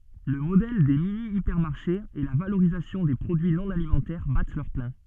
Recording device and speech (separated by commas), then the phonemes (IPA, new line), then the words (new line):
soft in-ear microphone, read sentence
lə modɛl de minjipɛʁmaʁʃez e la valoʁizasjɔ̃ de pʁodyi nɔ̃ alimɑ̃tɛʁ bat lœʁ plɛ̃
Le modèle des mini-hypermarchés et la valorisation des produits non alimentaires battent leur plein.